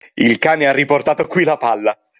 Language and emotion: Italian, happy